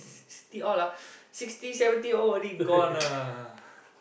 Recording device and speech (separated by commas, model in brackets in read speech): boundary microphone, conversation in the same room